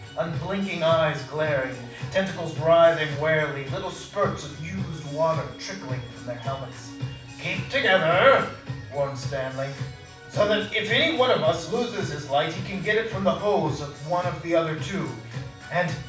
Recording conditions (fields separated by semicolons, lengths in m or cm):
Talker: one person; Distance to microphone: 5.8 m; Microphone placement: far; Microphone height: 1.8 m; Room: medium-sized (5.7 m by 4.0 m); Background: music